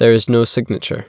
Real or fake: real